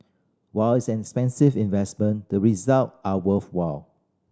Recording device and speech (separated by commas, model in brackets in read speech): standing microphone (AKG C214), read sentence